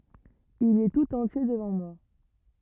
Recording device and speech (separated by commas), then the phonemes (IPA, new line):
rigid in-ear microphone, read sentence
il ɛ tut ɑ̃tje dəvɑ̃ mwa